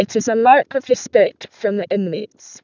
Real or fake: fake